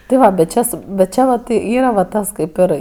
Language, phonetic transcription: Lithuanian, ti ˈva bet ˈčia su bet ˈčia vat ˈyra va ˈtas ˈkaip ir

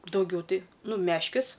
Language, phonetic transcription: Lithuanian, dauˈgiau ˈtai ˈnu ˈmeškis

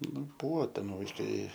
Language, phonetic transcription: Lithuanian, ˈnu ˈbuvo ˈten vaiˈkai

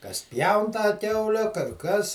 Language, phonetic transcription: Lithuanian, kas ˈpjaun tą ˈkiaule kar ˈkas

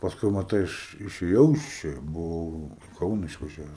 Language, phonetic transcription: Lithuanian, paˈskui maˈtai ˈaš išėˈjau iš ˈčia buˈvau i ˈkauna išvaˈžiaves

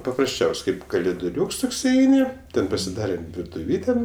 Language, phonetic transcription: Lithuanian, paprasˈčiaus' ˈkaip kaliduˈriūks ˈtoks iˈeini ˈten pasiˈdarem virtuˈvyte

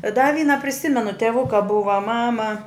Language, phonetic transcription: Lithuanian, da ˈvyna priˈsimenu teˈvuka ˈbuva ˈmama

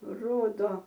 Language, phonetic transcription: Lithuanian, ˈrodo

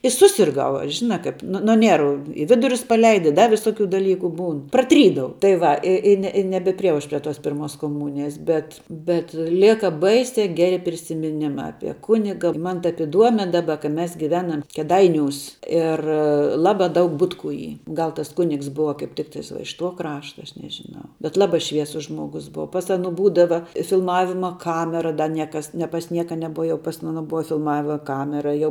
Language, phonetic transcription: Lithuanian, i ˈsusirˌgau aš ˈžina kaip ˈnu nuo ˈniervu i ˈvidurius paˈleida i da viˈsokiu daˈlyku ˈbūn praˈtrydau tai ˈva ˈi i i ne i nebeprieˈjau ˈaš prie tos ˈpirmos koˈmūnijas bet bet ˈlėka ˈbaisia ˈgeri prisimiˈnima ˈapie ˈkuniga ˈman tap iˈduome ˈdaˌba ka ˈmes giˈvenam keˈdaiˌniūs ˈir ˈlaba ˈdaug ˈbutˌkų ˈy ˈgal tas ˈkunigs ˈbuva kaip ˈtiktais va iš tuo ˈkrašta ˈaš nežiˈnau bet ˈlaˌbai ˈšviesus ˈžmogus ˈbuva pas ˈaˌnu ˈbūdava filˈmavima ˈkamera da ˈniekas ne pas ˈnieka neˈbuva ˈjau pas aˈno ˈbuva filˈmavia ˈkamera jau

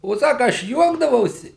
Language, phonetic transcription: Lithuanian, o ˈsaka ˈaš ˈjuokdavausi

